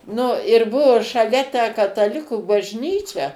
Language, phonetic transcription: Lithuanian, nu ir ˈbuo šaˈlia tę kataˈlikų bažˈnyčia

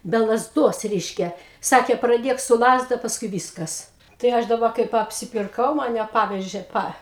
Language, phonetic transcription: Lithuanian, be lazˈduos ˈreiškia ˈsakė praˈdėk su ˈlazda pasˈkui ˈvyskas tai ˈaš daˈba kaip apsipirˈkau maˈne ˈpavežė ˈpa

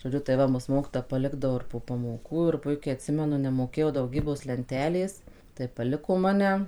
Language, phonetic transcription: Lithuanian, žoˈdžiu tai ˈva mus ˈmokytoja paˈlikdavo ir po pamoˈkų ir puiˈkiai atˈsimenu nemoˈkėjau dauˈgybos lenˈtelės tai paˈliko maˈne

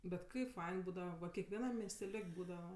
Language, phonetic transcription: Lithuanian, bet ˈkaip ˈfain ˈbūdava va kekveˈnam miesteˈliok' ˈbūdava

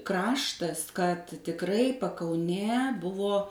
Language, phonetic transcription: Lithuanian, ˈkraštas kad tikˈrai pakauˈnė ˈbuvo

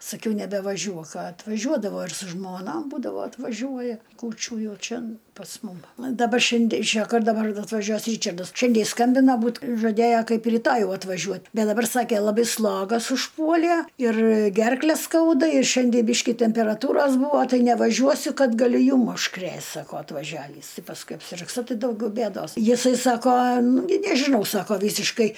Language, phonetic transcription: Lithuanian, saˈkiau nebevaˈžiuok atvaˈžiuodavo ir su žmoˈnom ˈbūdavo atvaˈžiuoja kūˈčių ˈjau ˈčen pas ˈmum daˈba šinˈde išˈėjo ˈkad daˈbar atvaˈžiuos ˈryčardas ˈšiandei jis ˈskambina ˈbūt žaˈdėjæ ˈkaip ir ryˈtoj ˈjau atvaˈžiuot ˈbet daˈbar ˈsake laˈbai ˈslogas užˈpuolie ir ˈgerkle ˈskauda i ˈšiandie ˈbiški temperaˈtūros ˈbūvo ˈtai nevaˈžiuosiu ˈkad gaˈliu ˈjum užˈkrėst saˈko atvaˈžiavįs ˈti pasˈkui apsirgˈsi ˈtai dauˈgiau ˈbėdos jiˈsai ˈsako ˈnugi nežiˈnau ˈsako ˈvysiškai

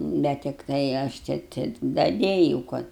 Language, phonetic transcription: Lithuanian, ˈbet tikˈtai ˈaš ˈčia tik daˈdėjūu ˈkad

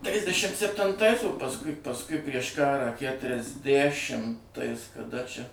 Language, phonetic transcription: Lithuanian, ˈtrisdešim septinˈtais o pasˈkui pasˈkui prieš ˈkarą kætriasˈdæšimtais kaˈda čia

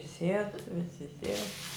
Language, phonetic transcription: Lithuanian, ˈsied ˈvisi ˈsied

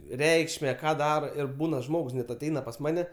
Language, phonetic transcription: Lithuanian, ˈreikšme ˈką ˈdaro ir ˈbūna ˈžmogs net aˈteina pas ˈmane

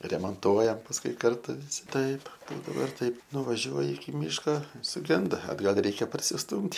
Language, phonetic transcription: Lithuanian, remanˈtuojam pasˈkui ˈkartu viˈsi ˈtaip ˈbūdavo ir ˈtaip nuvaˈžiuoji iki ˈmyška suˈgenda atˈgal' ˈreikia parsisˈtūmt'

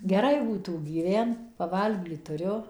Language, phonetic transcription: Lithuanian, geˈrai būˈtų gyˈvent paˈvalgyt tuˈriu

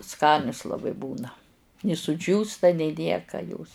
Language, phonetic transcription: Lithuanian, ˈskanius laˈbai ˈbūna ni suˈdžiūsta nei ˈnieka jos

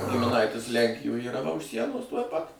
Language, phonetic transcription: Lithuanian, gimiˈnaitis ˈlenkijoj yˈra va už ˈsienos tuoj ˈpat

